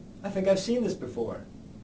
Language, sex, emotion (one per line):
English
male
neutral